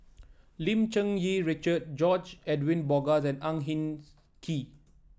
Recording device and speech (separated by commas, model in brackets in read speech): standing microphone (AKG C214), read sentence